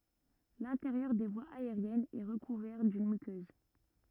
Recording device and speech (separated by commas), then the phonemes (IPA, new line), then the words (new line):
rigid in-ear microphone, read sentence
lɛ̃teʁjœʁ de vwaz aeʁjɛnz ɛ ʁəkuvɛʁ dyn mykøz
L'intérieur des voies aériennes est recouvert d'une muqueuse.